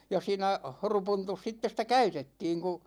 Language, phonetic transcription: Finnish, ja 'siinä , 'horupuntus sitte sⁱtä "käytettiiŋ ku ,.
- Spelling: ja siinä horupuntussa sitten sitä käytettiin kun

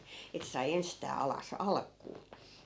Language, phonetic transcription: Finnish, ettᵃ̈ sai 'enstää 'alas , "alk̆kuu .
- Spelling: että sai ensistään alas alkuun

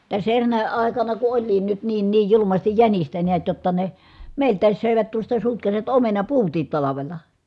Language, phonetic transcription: Finnish, täs erräänᵃ̈ àekana ku oĺliin nyt niin niij julumastij jänistä niät jotta ne , mèi̮lt̆tääs sö̀evät tuosta sutkasivat omenapuutiit talavela .
- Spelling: tässä eräänä aikana kun olikin nyt niin niin julmasti jänistä näet jotta ne meiltäkin söivät tuosta sutkasivat omenapuutkin talvella

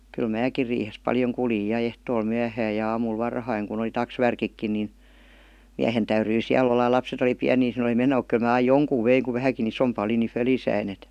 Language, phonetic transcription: Finnish, kyl "määkir riihes "paljoŋ 'kuljij ja 'ehtool 'myähääj ja 'aamul "varhaiŋ kun ‿oli "taksvärkikkin nin , 'miähen täyryi 'siäl ‿olla ja lapset ‿oli piänii (sinne °li 'meno muk) kyl mä aij "joŋkuv 'veiŋ ku 'vähäŋki 'isompa oli ni 'fölisäin‿ et .
- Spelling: kyllä minäkin riihessä paljon kuljin ja ehtoolla myöhään ja aamulla varhain kun oli taksvärkitkin niin miehen täytyi siellä olla ja lapset oli pieniä sinne oli meno mutta kyllä minä aina jonkun vein kun vähänkin isompi oli niin fölissäni että

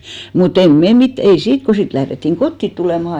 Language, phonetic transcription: Finnish, mu't ‿em "me 'mit(tä) , ei 'siit , ko 'sit lährettiŋ "kottit tulèmà .
- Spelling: mutta emme me mitään ei siitä kun sitten lähdettiin kotiin tulemaan

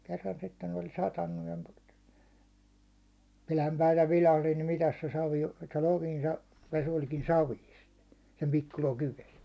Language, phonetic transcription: Finnish, kerran sitten ‿ol 'satannu ja , 'pilam'päiv (vähän) vilahlin nim mitäs se 'savi o , että 'lokin sa- , 'ves oĺkin "saviist , sem 'pikku lokiv 'ves .
- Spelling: kerran sitten oli satanut ja pilanpäin vähän vilahdin niin mitäs se savi on että lokin - vesi olikin savista sen pikku lokin vesi

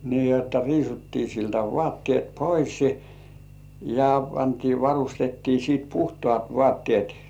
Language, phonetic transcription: Finnish, nii jotta 'riisuttii siltä "vŏàttĭèt "poisi , ja 'pantii varustettii sìt "puhtŏàt 'vŏàttĭèt .
- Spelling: niin jotta riisuttiin siltä vaatteet pois ja pantiin varustettiin sitten puhtaat vaatteet

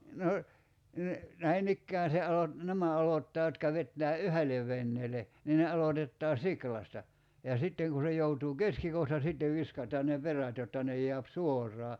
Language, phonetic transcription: Finnish, 'no , ne , 'näinikkään̬ se alot- , "nämä 'alottaa jotka 'vettää "yhe̬lev 'venneele , nii ne 'alotettaa "siklasta , ja 'sitteŋ ku se joutuu "keskikohta sittev 'viskat̀aan ne 'perät jotta 'ne j̀eäp 'suor̀aa .
- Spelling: no ne näin ikään se - nämä aloittaa jotka vetää yhdelle veneelle niin ne aloitetaan siulasta ja sitten kun se joutuu keskikohta sitten viskataan ne perät jotta ne jää suoraan

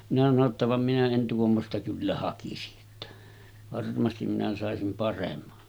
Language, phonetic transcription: Finnish, minä sano ‿tta » vam minä en 'tuommosta kyllä 'hakisi’ ’että , 'varmastim minä sàesim 'paremma .
- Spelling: minä sanoin jotta vaan minä en tuommoista kyllä hakisi että varmasti minä saisin paremman

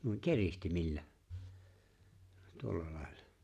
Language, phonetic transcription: Finnish, nuiŋ "kerihtimillä , 'tuolla lài̬llᴀ .
- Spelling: niin keritsimillä tuolla lailla

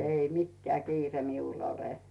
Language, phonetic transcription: Finnish, 'ei "mikkᵉä̀ 'kiire 'miul ‿ole .
- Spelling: ei mikään kiire minulla ole

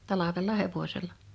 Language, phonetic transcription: Finnish, 'talavella "hevośella .
- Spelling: talvella hevosella

